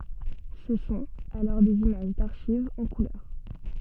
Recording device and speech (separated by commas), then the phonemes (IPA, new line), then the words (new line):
soft in-ear microphone, read sentence
sə sɔ̃t alɔʁ dez imaʒ daʁʃivz ɑ̃ kulœʁ
Ce sont alors des images d'archives en couleur.